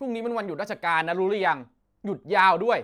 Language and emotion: Thai, angry